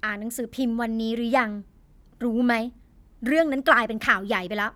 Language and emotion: Thai, angry